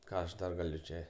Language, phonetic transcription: Lithuanian, ˈką aš ˈdar gaˈliu ˈčia

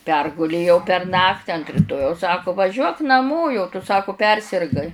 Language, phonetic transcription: Lithuanian, ˈpergulėjau per ˈnakti ant riˈtojaus ˈsaku vaˈžiuok naˈmo jau tu ˈsaku ˈpersirgai

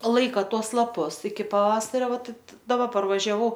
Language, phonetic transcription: Lithuanian, ˈlaika ˈtuos laˈpus iki paˈvasario ˈvat daˈba parvažiaˈvau

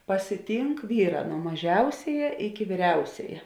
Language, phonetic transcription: Lithuanian, pasiˈtynk ˈvyˌrā nuo maˈžiausiaja iki vyˈriausiaja

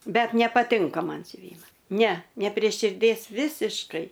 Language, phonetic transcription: Lithuanian, ˈbet nepaˈtinka ˈman siuˈvyma ne ne prė širˈdės ˈvisiškai

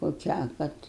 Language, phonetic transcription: Lithuanian, koˈkią ˈkad

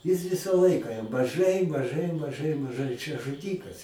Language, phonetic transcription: Lithuanian, jis ˈvisa ˈlaika jam maˈžai maˈžai maˈžai maˈžai čia žuˈdykas

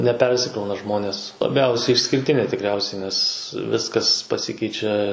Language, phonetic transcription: Lithuanian, neˈpersikrauna ˈžmonės laˈbiausiai išskirˈtinė tikˈriausiai nes ˈviskas paˈsikeičia

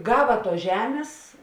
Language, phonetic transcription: Lithuanian, ˈgava ˈtuos ˈžemės

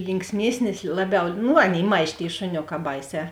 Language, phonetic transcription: Lithuanian, linksˈmiesnis ˈlaˌbiau ˈnu ˈaˌnėi ˈmaž' tėi šuˈnioˌkā ˈbaiˌsē

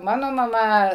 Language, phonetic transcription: Lithuanian, ˈmano maˈma

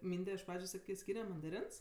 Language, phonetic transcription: Lithuanian, ˈmynde iš ˈpradžiu ˈsakė ˈskyne mandaˈrins

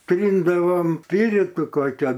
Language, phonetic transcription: Lithuanian, ˈtryndavom ˈpyritu ˈkokia

